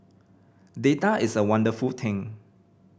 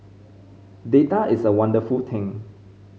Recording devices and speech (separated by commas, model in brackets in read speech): boundary microphone (BM630), mobile phone (Samsung C5010), read sentence